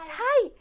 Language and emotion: Thai, happy